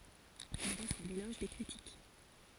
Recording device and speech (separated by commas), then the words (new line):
forehead accelerometer, read sentence
Il reçoit l’éloge des critiques.